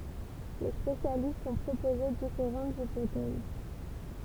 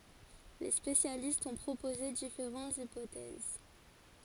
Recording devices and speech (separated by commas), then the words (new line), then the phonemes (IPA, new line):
temple vibration pickup, forehead accelerometer, read sentence
Les spécialistes ont proposé différentes hypothèses.
le spesjalistz ɔ̃ pʁopoze difeʁɑ̃tz ipotɛz